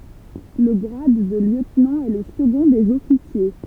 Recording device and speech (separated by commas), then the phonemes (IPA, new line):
temple vibration pickup, read sentence
lə ɡʁad də ljøtnɑ̃ ɛ lə səɡɔ̃ dez ɔfisje